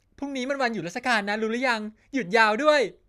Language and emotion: Thai, happy